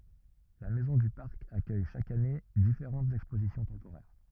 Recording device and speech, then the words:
rigid in-ear microphone, read sentence
La maison du Parc accueille chaque année différentes expositions temporaires.

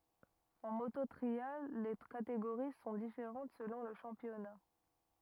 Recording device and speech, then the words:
rigid in-ear microphone, read sentence
En moto trial, les catégories sont différentes selon le championnat.

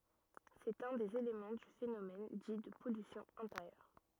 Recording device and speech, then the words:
rigid in-ear microphone, read sentence
C'est un des éléments du phénomène dit de pollution intérieure.

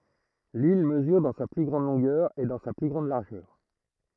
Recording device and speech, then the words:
throat microphone, read sentence
L'île mesure dans sa plus grande longueur et dans sa plus grande largeur.

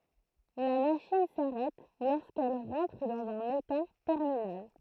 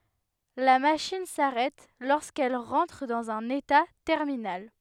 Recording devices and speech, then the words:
throat microphone, headset microphone, read sentence
La machine s'arrête lorsqu'elle rentre dans un état terminal.

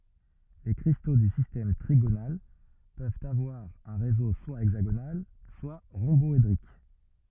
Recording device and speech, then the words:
rigid in-ear microphone, read sentence
Les cristaux du système trigonal peuvent avoir un réseau soit hexagonal soit rhomboédrique.

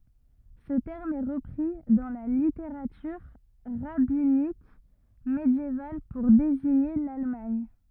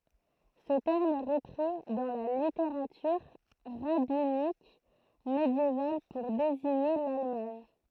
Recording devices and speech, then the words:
rigid in-ear microphone, throat microphone, read sentence
Ce terme est repris dans la littérature rabbinique médiévale pour désigner l'Allemagne.

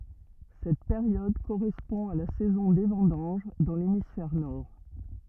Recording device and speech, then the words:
rigid in-ear microphone, read sentence
Cette période correspond à la saison des vendanges dans l'hémisphère nord.

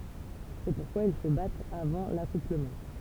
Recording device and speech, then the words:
temple vibration pickup, read sentence
C'est pourquoi ils se battent avant l'accouplement.

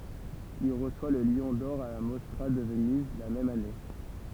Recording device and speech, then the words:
temple vibration pickup, read sentence
Il reçoit le Lion d'or à la Mostra de Venise la même année.

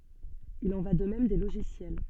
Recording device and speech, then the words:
soft in-ear microphone, read sentence
Il en va de même des logiciels.

